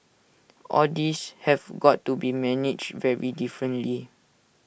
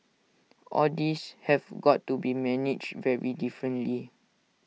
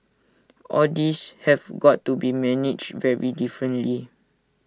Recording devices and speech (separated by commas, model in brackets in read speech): boundary microphone (BM630), mobile phone (iPhone 6), standing microphone (AKG C214), read sentence